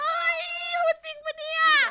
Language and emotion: Thai, happy